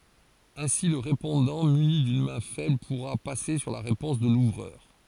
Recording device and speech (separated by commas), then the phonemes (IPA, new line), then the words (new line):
forehead accelerometer, read sentence
ɛ̃si lə ʁepɔ̃dɑ̃ myni dyn mɛ̃ fɛbl puʁa pase syʁ la ʁepɔ̃s də luvʁœʁ
Ainsi le répondant muni d'une main faible pourra passer sur la réponse de l'ouvreur.